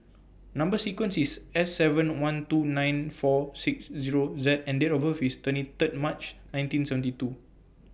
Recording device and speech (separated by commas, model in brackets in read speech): boundary microphone (BM630), read sentence